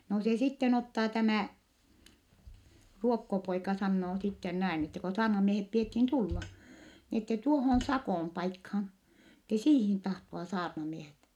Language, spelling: Finnish, no se sitten ottaa tämä ruokkopoika sanoo sitten näin että kun saarnamiehet pidettiin tulla niin että tuohon Sakon paikkaan että siihen tahtoa saarnamiehet
- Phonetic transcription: no se sitten ottaa tämä̀ , ruokkopoika sannoo sitten näin , ette ko saarnamiehep piethin tulla , ni ette tuohon̬ Sakòm paikhan̬ , ette siihin tahto₍a saarnamiehet .

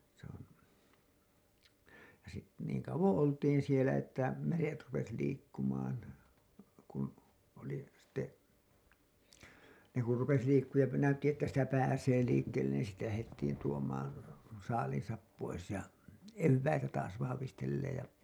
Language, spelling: Finnish, se on ja - niin kauan oltiin siellä että meret rupesi liikkumaan kun oli sitten ne kun rupesi liikkumaan ja näytti että sitä pääsee liikkeelle niin sitten lähdettiin tuomaan saaliinsa pois ja eväitä taas vahvistelleen ja
- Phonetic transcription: se ‿on , ja sit- , niiŋ kauwoo̰ 'oltiin sielä että "meret rupes 'liikkumaan , kun , oli , sᴵtte , ne kur rupes 'liikkuuj ja näytti että sitä 'pääsee 'liikkeellen niin sitte lähettiin tuom̀aan̬ , 'saaliiḭsap pois ja , "evväitä taas vahavistelleej ja .

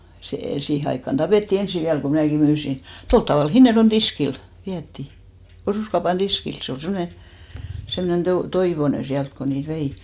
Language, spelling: Finnish, se siihen aikaan tapettiin ensin vielä kun minäkin myin tuolla tavalla Hinnerjoen tiskille vietiin osuuskaupan tiskille se oli semmoinen semmoinen - Toivonen sieltä kun niitä vei
- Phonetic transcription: sè , 'siihe aikkan 'ᴅapètti "ensi 'viäl ko 'mnä̀ki 'myysi , 'tolt tavàl 'Hinnerjon "tiskil , 'viätti , 'osùskaupan "ᴅiskil , 'se ol 'semmone , 'semnen Toi- , 'Toivone 'siält ko niit 'vei .

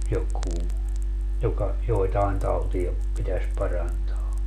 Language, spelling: Finnish, joku joka joitain tauteja pitäisi parantaa
- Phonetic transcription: 'jokuu , 'joka , 'joetaen 'tauti₍a , pitäs 'parantaa .

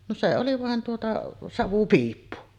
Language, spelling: Finnish, no se oli vain tuota savupiippu
- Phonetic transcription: no 'se oli vàen tuota , "savupiippu .

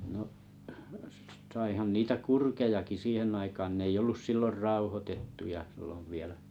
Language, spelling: Finnish, no saihan niitä kurkiakin siihen aikaan ne ei ollut silloin rauhoitettuja silloin vielä
- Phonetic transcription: no’ , saihan 'niitä 'kurkejaki 'siihenn ‿aikaan 'n ‿ei'j ‿ollus sillor "rauhotettuja sillov 'vielä .

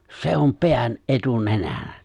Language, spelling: Finnish, se on pään etunenänä
- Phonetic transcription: 'se om "peän , "’etu"nenänä .

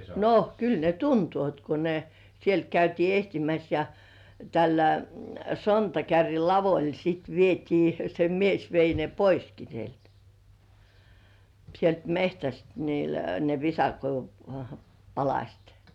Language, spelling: Finnish, no kyllä ne tuntevat kun ne sieltä käytiin etsimässä ja tällä sontakärryn lavalla sitten vietiin se mies vei ne poiskin sieltä sieltä metsästä niillä ne visakoivun palaset
- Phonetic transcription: no , 'kyl ne "tuntuòt ko ne , 'sielt käytii "ehtimäs ja , tällä , 'sontakärril "lavoĺ sit 'vietii , se 'mies vei ne poiski sielt , sielt "mehtäst niil ne 'visakoivum "palaśt .

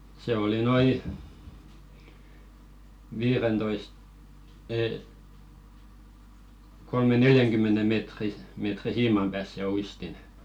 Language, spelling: Finnish, se oli noin viidentoista - kolmen neljänkymmenen metrin metrin siiman päässä se uistin
- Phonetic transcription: se oli "noi , 'viirentoisᵗ , 'ee , kolme- 'neljäŋkymmene mètri , mètri "siimam pääs se 'uistin .

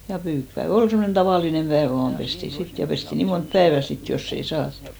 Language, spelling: Finnish, ja pyykkipäivä oli semmoinen tavallinen päivä vain pestiin sitten ja pestiin niin monta päivää sitten jos ei saatu
- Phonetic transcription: ja 'pyykpäe"v ‿ol semmonen 'tavàlinem 'päevᵃ̈ 'vaam pesti 'sit , ja 'pesti 'nii mont "päevä 'sit joss ‿ei "saattᴜ .

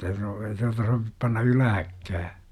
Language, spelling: Finnish, no ei tuota sovi panna ylhäällekään
- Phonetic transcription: no ei tuata sovip panna "ylähäkkää .

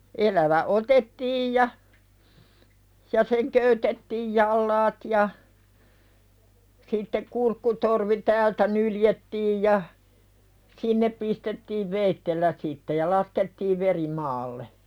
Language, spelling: Finnish, elävä otettiin ja ja sen köytettiin jalat ja sitten kurkkutorvi täältä nyljettiin ja sinne pistettiin veitsellä sitten ja laskettiin veri maalle
- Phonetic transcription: ’elävä "otettiij ja , ja "seŋ köytettiij 'jallaat ja , sittek kurkkutorvi "täältä 'nyljettiij ja , "sinnep pistettiiv 'veittellä sitte ja '1askettiiv "veri maalle .

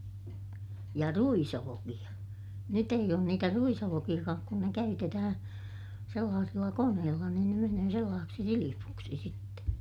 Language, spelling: Finnish, ja ruisolkia nyt ei ole niitä ruisolkiakaan kun ne käytetään sellaisilla koneilla niin ne menee sellaiseksi silpuksi sitten
- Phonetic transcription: ja ruisolokiʲa , nyt ‿eij ‿oon niitä ruisolokiʲakaak kun ne käytetähää̰ , sellaasilla koneella niin ne menöö sellaaseksi silipuksi sitte ,.

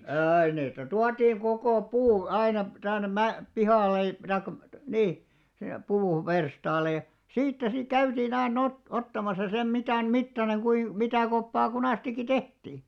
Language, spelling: Finnish, aina niitä tuotiin koko puu aina tänne - pihalle - tai niin sinne puuverstaalle ja siitä sitten käytiin aina - ottamassa sen mitan mittainen kuinka mitä koppaa kunastikin tehtiin
- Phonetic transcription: 'ä̀i niitä 'tuatiiŋ 'kokò "puu 'ainap- , 'tännem̆ "mä- , "pihàl̆le i- , taikka , "nii , sinne , 'puu'verstaal̆le ja , 'siittä sik 'käytii'n ‿ainn ‿ot- , 'ottamasa sem 'mitä̀n 'mittaneŋ kuim , mitä̀ 'koppaa 'kunàstikki "tehtii .

